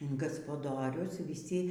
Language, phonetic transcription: Lithuanian, in gaspaˈdorius vyˈsi

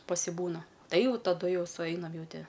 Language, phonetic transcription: Lithuanian, pasiˈbūna ˈtai ˈjau taˈdu ˈjau suˈeinam ˈjau ˈti

